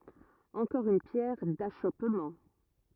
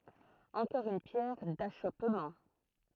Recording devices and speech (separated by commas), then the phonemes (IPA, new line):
rigid in-ear microphone, throat microphone, read sentence
ɑ̃kɔʁ yn pjɛʁ daʃɔpmɑ̃